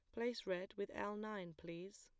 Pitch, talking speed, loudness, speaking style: 200 Hz, 200 wpm, -46 LUFS, plain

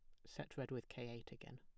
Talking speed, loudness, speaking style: 275 wpm, -51 LUFS, plain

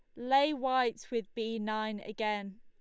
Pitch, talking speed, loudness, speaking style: 225 Hz, 150 wpm, -33 LUFS, Lombard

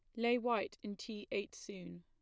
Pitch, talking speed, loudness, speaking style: 205 Hz, 200 wpm, -40 LUFS, plain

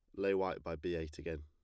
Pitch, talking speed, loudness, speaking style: 85 Hz, 295 wpm, -39 LUFS, plain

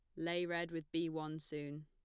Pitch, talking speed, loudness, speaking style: 165 Hz, 220 wpm, -41 LUFS, plain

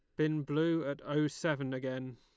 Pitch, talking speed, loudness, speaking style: 150 Hz, 185 wpm, -34 LUFS, Lombard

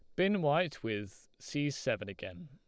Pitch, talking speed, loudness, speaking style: 145 Hz, 160 wpm, -34 LUFS, Lombard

